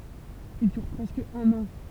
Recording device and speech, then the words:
temple vibration pickup, read sentence
Il dure presque un an.

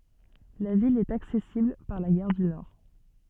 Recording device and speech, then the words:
soft in-ear microphone, read sentence
La ville est accessible par la gare du Nord.

